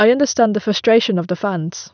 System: none